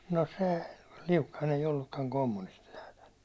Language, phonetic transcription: Finnish, no se , 'Liukkain̬ ‿ei ollukkaŋ 'kommunisti nääthän .
- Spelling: no se Liukkanen ei ollutkaan kommunisti näethän

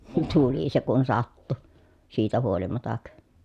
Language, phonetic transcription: Finnish, tuli se kun sattu , siitä huolimatak .
- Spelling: tuli se kun sattui siitä huolimatta

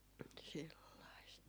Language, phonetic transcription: Finnish, sellaist .
- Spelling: sellaista

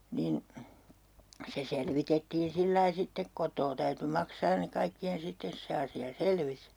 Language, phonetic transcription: Finnish, 'niin , se 'selvitettiin 'sillai sittek "kot̆too täyty 'maksaan ne 'kaikki₍en sittes "se asi₍a 'selvis .
- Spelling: niin se selvitettiin sillä lailla sitten kotoa täytyi maksaa ne kaikkien sitten se asia selvisi

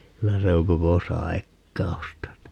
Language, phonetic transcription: Finnish, 'kylä se oŋ 'koko "sai̮kka₍usta (ni) .
- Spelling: kyllä se on koko saikkausta niin

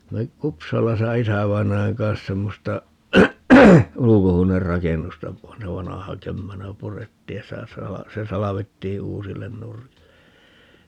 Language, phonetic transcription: Finnish, (minä oli) , "Kupsalasa 'isävainajaŋ kans 'semmosta , 'ulukohuoner"rakennusta , (--) 'vanaha 'kömmänä "purettiij ja 'sitä 'sala- , 'se 'salavettii 'uusillen 'nurkille .
- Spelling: minä olin Kupsalassa isävainajan kanssa semmoista ulkohuonerakennusta - vanha kömmänä purettiin ja sitä - se salvettiin uusille nurkille

